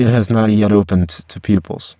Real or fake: fake